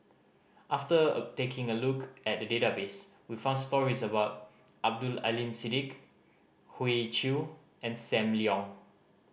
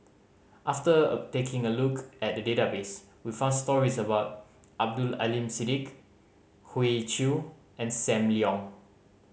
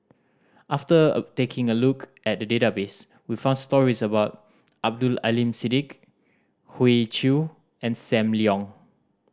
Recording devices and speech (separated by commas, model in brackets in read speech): boundary microphone (BM630), mobile phone (Samsung C5010), standing microphone (AKG C214), read sentence